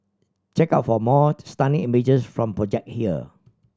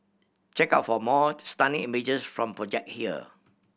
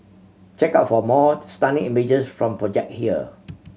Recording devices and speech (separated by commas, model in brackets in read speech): standing microphone (AKG C214), boundary microphone (BM630), mobile phone (Samsung C7100), read sentence